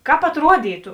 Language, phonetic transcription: Lithuanian, ˈkāp atˈruodytu

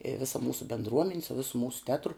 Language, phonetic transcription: Lithuanian, i ˈvisa ˈmūsu bendˈruomeni su ˈvisu ˈmūsu ˈtetru

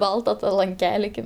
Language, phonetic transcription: Lithuanian, ˈbalta lanˈkeli ˈkaip

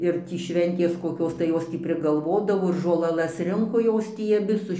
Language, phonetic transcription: Lithuanian, ir ˈtį ˈšventės koˈkios tai ˈjos tį prigalˈvodavo ir žolaˈlas ˈrinko ˈjos tį aˈbi su

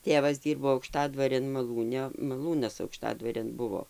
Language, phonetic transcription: Lithuanian, ˈtėvas ˈdyrbo aukˈštadvarėn maˈlūne maˈlūnas aukˈštadvarėn ˈbuvo

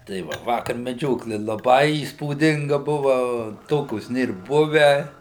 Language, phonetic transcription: Lithuanian, tai ˈva ˈvakar meˈdžiokli laˈbai įspūˈdinga ˈbuva ˈtokios ˈnėr ˈbuvę

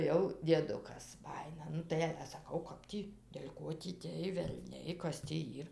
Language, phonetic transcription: Lithuanian, jau dieˈdukas ˈbajina ˈnu tai ale saˈkau ˈkap tį del' ˈko tį tėj velˈniai ˈkas tį ˈyr

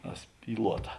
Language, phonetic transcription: Lithuanian, a ˈspyluota

